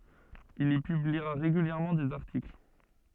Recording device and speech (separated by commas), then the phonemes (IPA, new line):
soft in-ear microphone, read sentence
il i pybliʁa ʁeɡyljɛʁmɑ̃ dez aʁtikl